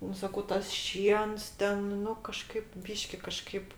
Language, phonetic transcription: Lithuanian, ˈnu saˈkau ˈtas ˈšiens ˈten ˈnu kaˈžkaip ˈbyški kaˈžkaip

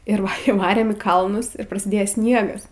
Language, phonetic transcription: Lithuanian, ˈir įˈvarėm į ˈkalnus ir prasiˈdėje ˈsniegas

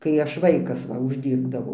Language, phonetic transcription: Lithuanian, kai ˈaš ˈvaikas ˈva užˈdyrbdavau

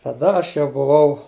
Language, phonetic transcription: Lithuanian, taˈda ˈaš jau buˈvau

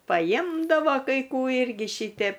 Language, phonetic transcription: Lithuanian, paˈjmdavo kai ˈkų ˈirgi ˈšytep

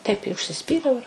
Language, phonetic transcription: Lithuanian, taip i užsiˈspyriau ir

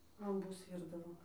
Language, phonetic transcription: Lithuanian, lamˈbus ˈvyrdavo

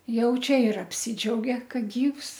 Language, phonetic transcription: Lithuanian, ˈjau ˈčia ir apˈsidžiauge ˈka ˈgyvs

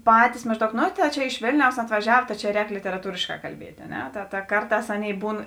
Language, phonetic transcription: Lithuanian, ˈpatis mažˈdaug no tai ˈčia iš ˈvėlniaus atvaˈžiav ta čia ˈrēk literaˈtūrėškā kalˈbiet' a ˈne ta ta ˈkarˌtās ˈaˌnėi ˈbūn

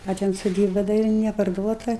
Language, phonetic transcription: Lithuanian, a ˈten soˈdyba da ˈir neparˈduota

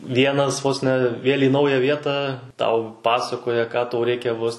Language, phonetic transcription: Lithuanian, ˈvienas vos ne ˈvėl' į ˈnaują ˈvietą ˈtau ˈpasakoja ką ˈtau ˈreikia vos

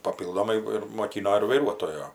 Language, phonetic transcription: Lithuanian, paˈpyldomai ir moˈkyno ir vaiˈruotojo

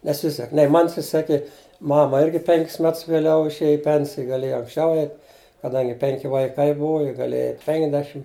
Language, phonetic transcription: Lithuanian, neˈsisek nei ˈman siˈsekė ˈmama ˈirgi ˈpenkis ˈmets vėˈliau išˈėja i ˈpensija gaˈlėja anksˈčiau ˈeit kaˈdangi ˈpenki ˈvaiˈkai ˈbuvu ji gaˈlėja ˈeit' ˈpenkedešim

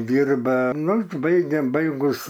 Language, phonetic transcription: Lithuanian, ˈdyrba ˈnu užˈbaigia ˈbaigus

